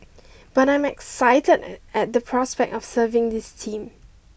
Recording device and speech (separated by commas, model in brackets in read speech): boundary microphone (BM630), read sentence